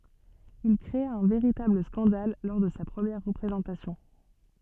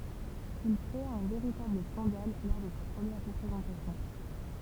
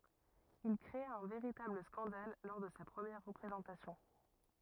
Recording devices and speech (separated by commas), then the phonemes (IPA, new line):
soft in-ear microphone, temple vibration pickup, rigid in-ear microphone, read sentence
il kʁea œ̃ veʁitabl skɑ̃dal lɔʁ də sa pʁəmjɛʁ ʁəpʁezɑ̃tasjɔ̃